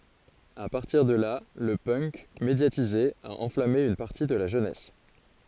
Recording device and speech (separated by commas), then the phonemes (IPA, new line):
forehead accelerometer, read sentence
a paʁtiʁ də la lə pœnk medjatize a ɑ̃flame yn paʁti də la ʒønɛs